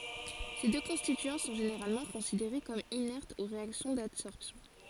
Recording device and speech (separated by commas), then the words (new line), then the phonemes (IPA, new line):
forehead accelerometer, read sentence
Ces deux constituants sont généralement considérés comme inertes aux réactions d'adsorption.
se dø kɔ̃stityɑ̃ sɔ̃ ʒeneʁalmɑ̃ kɔ̃sideʁe kɔm inɛʁtz o ʁeaksjɔ̃ dadsɔʁpsjɔ̃